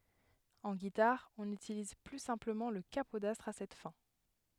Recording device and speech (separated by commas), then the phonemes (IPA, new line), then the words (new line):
headset microphone, read sentence
ɑ̃ ɡitaʁ ɔ̃n ytiliz ply sɛ̃pləmɑ̃ lə kapodastʁ a sɛt fɛ̃
En guitare, on utilise plus simplement le capodastre à cette fin.